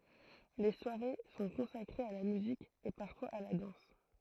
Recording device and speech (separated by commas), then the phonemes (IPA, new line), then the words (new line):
throat microphone, read sentence
le swaʁe sɔ̃ kɔ̃sakʁez a la myzik e paʁfwaz a la dɑ̃s
Les soirées sont consacrées à la musique et parfois à la danse.